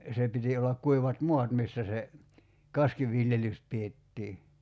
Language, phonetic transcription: Finnish, 'se piti ollak 'kuivat "mo̭at missä se , "kaskiviljelys 'piettii .
- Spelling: se piti olla kuivat maat missä se kaskiviljelys pidettiin

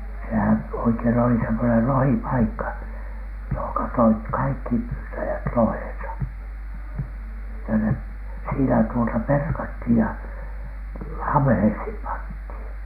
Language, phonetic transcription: Finnish, sehän 'oikein oli semmonel "lohipaikka , johoŋka toit "kaikki "pyytäjät 'loheḛsa , että 'ne , siinä tuota "perkathìj ja "am̀ᵉheishim 'panthìn .
- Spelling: sehän oikein oli semmoinen lohipaikka johon toivat kaikki pyytäjät lohensa että ne siinä tuota perattiin ja ammeisiin pantiin

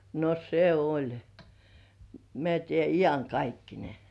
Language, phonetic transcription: Finnish, no 'se "oĺ , mĕä̀ tie̬ "ijaŋkaikkine .
- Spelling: no se oli mene tiedä iankaikkinen

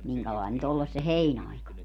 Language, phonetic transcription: Finnish, 'miŋkälain ny't ‿olles se "heinaika .
- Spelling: minkälainen nyt olle se heinäaika

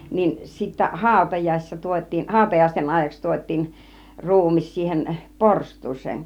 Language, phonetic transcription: Finnish, niin sittä "hàutajàisissa 'tuot́̆tiin , 'hàutajàisten aaⁱj̆jaks tuot́̆tiin , "ru̬umis siihen , "porst̆tuus̆seen .
- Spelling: niin sitten hautajaisissa tuotiin hautajaisten ajaksi tuotiin ruumis siihen porstuaan

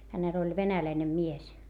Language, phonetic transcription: Finnish, hänel ‿oĺ venäläine mies .
- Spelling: hänellä oli venäläinen mies

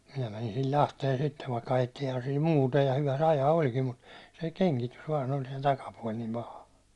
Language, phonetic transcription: Finnish, minä mänin sil "Lahteen 'sittev vaikka 'ajettiihan sil "muuta , ja 'hyvä se 'ajaa oĺkim mut , se 'keŋkitys vaan ‿oĺ se 'takapuål nim 'paha .
- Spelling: minä menin sillä Lahteen sitten vaikka ajettiinhan sillä muuta ja hyvä se ajaa olikin mutta se kengitys vain oli se takapuoli niin paha

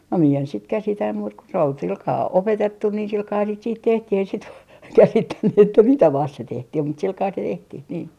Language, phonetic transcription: Finnish, no mie en sit 'käsitä muut ko sᵉ ‿ol 'silkaa 'opetettu ni 'silkaahan sit siit 'tehtih ei sit , 'käsittänny että "mitä 'vast se 'tehtih mut silkaa se 'tehtih nii .
- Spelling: no minä en sitten käsitä muuta kuin se oli sillä kalella opetettu niin sillä kalellahan sitä sitten tehtiin ei sitten käsittänyt että mitä vasten se tehtiin mutta sillä kalella se tehtiin niin

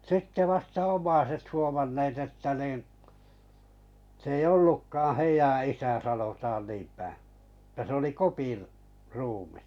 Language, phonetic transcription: Finnish, 'sitte 'vasta "om̀aiset huomanneet että nìn̬ , s ‿ei 'ollukkaaᵃ̰ 'heijä isä sanotaan niimpä̀ , että se oli 'Kopir , 'ruumis .
- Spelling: sitten vasta omaiset huomanneet että niin se ei ollutkaan heidän isä sanotaan niinpä että se oli Kopin ruumis

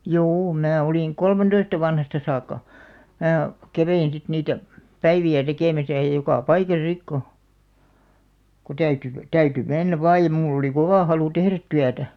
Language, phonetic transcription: Finnish, juu 'mää olìŋ "kolmentoista 'vanhasta saakka , "mää , 'kävein sit 'niitä , "päivi₍ä 'tekèmäsä ja jokà "paikasa 'sik ko , ko 'täyty , 'täyty 'mennäv 'vaaj̆ ja 'mull ‿oli "kovà 'halu "tehrät 'tyätä .
- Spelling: juu minä olin kolmentoista vanhasta saakka minä kävin sitten niitä päiviä tekemässä ja joka paikassa sitten kun kun täytyi täytyi mennä vain ja minulla oli kova halu tehdä työtä

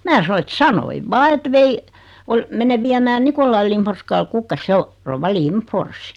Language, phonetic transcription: Finnish, 'mää sano et » "sanoiv "vaa et 'vei , ol- , 'menev viämään 'Nikollail Limforskal 'kukkas[ia] « » 'se o , 'rouva "Limfors « .
- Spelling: minä sanoin että sanoin vain että vein - menen viemään Nikolai Lindforskalle kukkasia se on rouva Lindfors

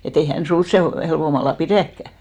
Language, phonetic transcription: Finnish, e't ‿ei hän 'sun̬s 'sè helvomalla "pirä̀kkä .
- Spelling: että ei hän sinua sen helpommalla pidäkään

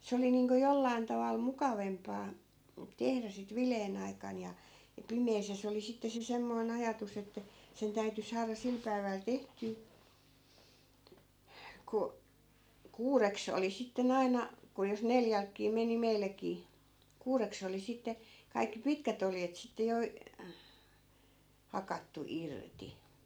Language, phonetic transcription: Finnish, 'se oli niiŋko 'jollain taval "mukavempaa , 'tehrä sit 'vileen ‿aikan ja , ja 'pimees ja 'se oli sitte se 'semmoi̮n ‿ajatus ‿että , 'sen täyty 'saara 'sil päi̮väl 'tehtyy , ku , "kuureks ‿oli 'sitte'n ‿aina , ku jos 'neljälkkii meni 'meilläkii , 'kuureks ‿oli 'sitte , 'kaikki "pitkät ‿oljet sitte jo , 'hakattu 'irti .
- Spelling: se oli niin kuin jollakin tavalla mukavampaa tehdä sitten viileän aikana ja ja pimeässä ja se oli sitten se semmoinen ajatus että sen täytyi saada sillä päivällä tehtyä kun kuudeksi oli sitten aina kun jos neljältäkin meni meilläkin kuudeksi oli sitten kaikki pitkät oljet sitten jo hakattu irti

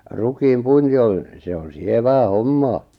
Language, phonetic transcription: Finnish, 'rukiim 'puinti on̬ , 'se on "sievää "hommaa .
- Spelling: rukiin puinti on se on sievää hommaa

